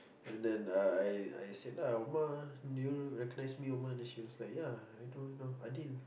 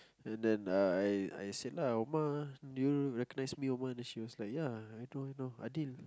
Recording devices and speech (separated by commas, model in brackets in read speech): boundary microphone, close-talking microphone, conversation in the same room